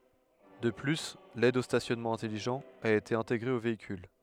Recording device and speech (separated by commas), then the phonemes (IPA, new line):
headset microphone, read sentence
də ply lɛd o stasjɔnmɑ̃ ɛ̃tɛliʒɑ̃t a ete ɛ̃teɡʁe o veikyl